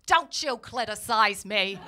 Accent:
american accent